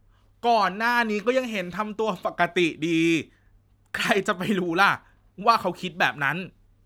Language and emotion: Thai, angry